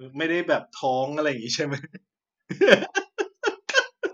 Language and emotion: Thai, happy